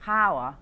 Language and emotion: Thai, angry